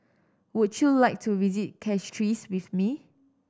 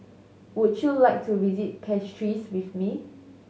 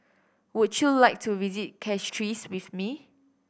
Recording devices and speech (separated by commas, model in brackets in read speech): standing microphone (AKG C214), mobile phone (Samsung S8), boundary microphone (BM630), read sentence